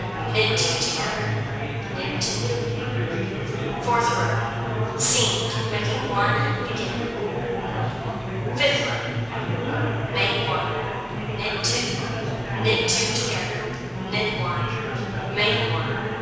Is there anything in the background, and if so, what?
Crowd babble.